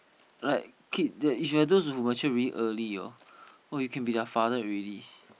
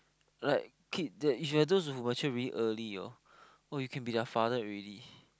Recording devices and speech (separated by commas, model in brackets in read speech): boundary microphone, close-talking microphone, conversation in the same room